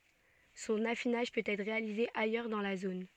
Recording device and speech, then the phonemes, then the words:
soft in-ear microphone, read sentence
sɔ̃n afinaʒ pøt ɛtʁ ʁealize ajœʁ dɑ̃ la zon
Son affinage peut être réalisé ailleurs dans la zone.

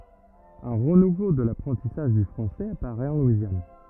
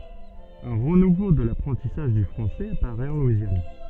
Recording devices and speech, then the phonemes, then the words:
rigid in-ear microphone, soft in-ear microphone, read sentence
œ̃ ʁənuvo də lapʁɑ̃tisaʒ dy fʁɑ̃sɛz apaʁɛt ɑ̃ lwizjan
Un renouveau de l'apprentissage du français apparaît en Louisiane.

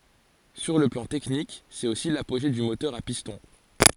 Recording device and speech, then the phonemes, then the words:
forehead accelerometer, read sentence
syʁ lə plɑ̃ tɛknik sɛt osi lapoʒe dy motœʁ a pistɔ̃
Sur le plan technique c'est aussi l'apogée du moteur à piston.

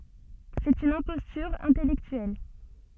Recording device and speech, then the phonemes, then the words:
soft in-ear microphone, read sentence
sɛt yn ɛ̃pɔstyʁ ɛ̃tɛlɛktyɛl
C'est une imposture intellectuelle.

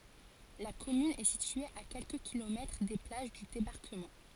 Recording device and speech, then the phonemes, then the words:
forehead accelerometer, read sentence
la kɔmyn ɛ sitye a kɛlkə kilomɛtʁ de plaʒ dy debaʁkəmɑ̃
La commune est située à quelques kilomètres des plages du débarquement.

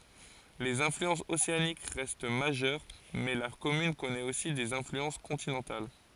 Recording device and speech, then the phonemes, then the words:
forehead accelerometer, read sentence
lez ɛ̃flyɑ̃sz oseanik ʁɛst maʒœʁ mɛ la kɔmyn kɔnɛt osi dez ɛ̃flyɑ̃s kɔ̃tinɑ̃tal
Les influences océaniques restent majeures, mais la commune connaît aussi des influences continentales.

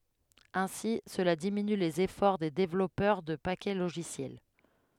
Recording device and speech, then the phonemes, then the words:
headset microphone, read sentence
ɛ̃si səla diminy lez efɔʁ de devlɔpœʁ də pakɛ loʒisjɛl
Ainsi, cela diminue les efforts des développeurs de paquets logiciels.

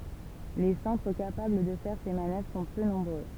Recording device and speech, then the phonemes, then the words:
temple vibration pickup, read sentence
le sɑ̃tʁ kapabl də fɛʁ se manœvʁ sɔ̃ pø nɔ̃bʁø
Les centres capables de faire ces manœuvres sont peu nombreux.

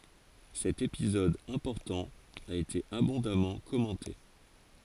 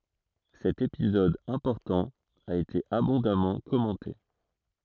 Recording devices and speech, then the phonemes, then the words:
forehead accelerometer, throat microphone, read sentence
sɛt epizɔd ɛ̃pɔʁtɑ̃ a ete abɔ̃damɑ̃ kɔmɑ̃te
Cet épisode important a été abondamment commenté.

